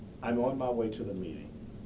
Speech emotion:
neutral